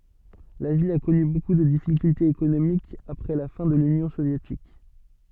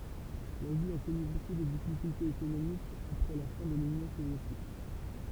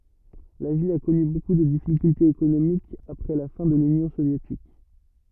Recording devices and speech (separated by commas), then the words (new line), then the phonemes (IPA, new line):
soft in-ear microphone, temple vibration pickup, rigid in-ear microphone, read sentence
La ville a connu beaucoup de difficultés économiques après la fin de l'Union soviétique.
la vil a kɔny boku də difikyltez ekonomikz apʁɛ la fɛ̃ də lynjɔ̃ sovjetik